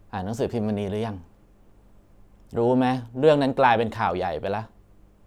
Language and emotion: Thai, frustrated